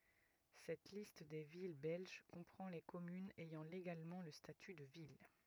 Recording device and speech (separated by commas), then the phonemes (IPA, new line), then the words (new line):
rigid in-ear microphone, read sentence
sɛt list de vil bɛlʒ kɔ̃pʁɑ̃ le kɔmynz ɛjɑ̃ leɡalmɑ̃ lə staty də vil
Cette liste des villes belges comprend les communes ayant légalement le statut de ville.